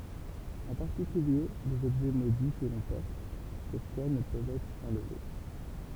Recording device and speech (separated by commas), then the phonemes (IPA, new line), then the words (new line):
temple vibration pickup, read sentence
ɑ̃ paʁtikylje lez ɔbʒɛ modi kə lɔ̃ pɔʁt syʁ swa nə pøvt ɛtʁ ɑ̃lve
En particulier, les objets maudits que l'on porte sur soi ne peuvent être enlevés.